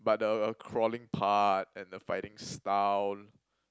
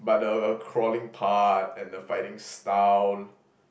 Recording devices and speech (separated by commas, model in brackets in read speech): close-talking microphone, boundary microphone, conversation in the same room